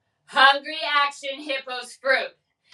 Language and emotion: English, angry